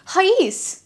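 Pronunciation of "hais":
This is an incorrect pronunciation of the contraction 'he's': it is said as 'hais' instead of 'he's'.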